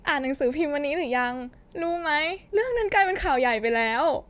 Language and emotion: Thai, sad